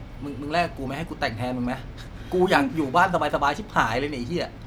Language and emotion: Thai, frustrated